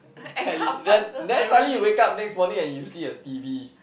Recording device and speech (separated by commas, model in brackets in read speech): boundary microphone, conversation in the same room